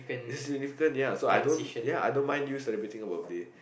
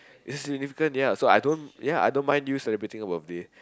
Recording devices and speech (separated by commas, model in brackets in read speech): boundary microphone, close-talking microphone, conversation in the same room